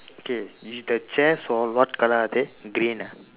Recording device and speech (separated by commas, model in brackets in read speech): telephone, conversation in separate rooms